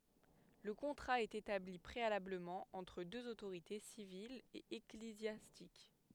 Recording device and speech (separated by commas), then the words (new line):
headset microphone, read sentence
Le contrat est établi préalablement entre deux autorités, civile et ecclésiastique.